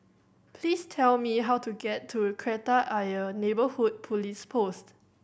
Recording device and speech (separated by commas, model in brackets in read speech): boundary microphone (BM630), read sentence